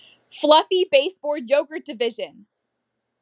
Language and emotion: English, neutral